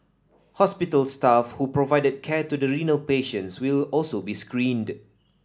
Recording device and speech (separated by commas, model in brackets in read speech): standing microphone (AKG C214), read sentence